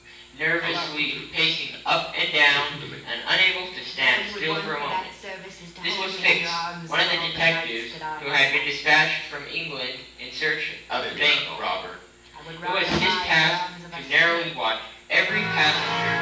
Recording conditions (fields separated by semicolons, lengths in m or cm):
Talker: one person; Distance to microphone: 9.8 m; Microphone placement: far; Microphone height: 1.8 m; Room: large; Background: television